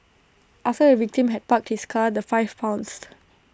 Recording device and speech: standing microphone (AKG C214), read sentence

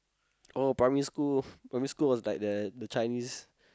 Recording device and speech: close-talking microphone, conversation in the same room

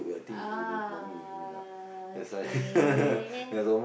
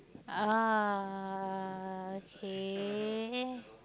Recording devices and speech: boundary microphone, close-talking microphone, conversation in the same room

